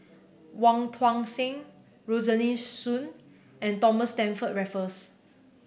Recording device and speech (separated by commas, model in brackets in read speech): boundary microphone (BM630), read sentence